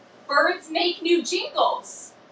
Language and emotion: English, sad